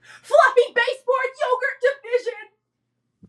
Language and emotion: English, fearful